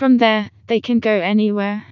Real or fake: fake